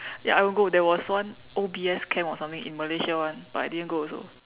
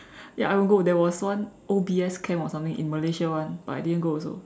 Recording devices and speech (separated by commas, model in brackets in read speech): telephone, standing microphone, conversation in separate rooms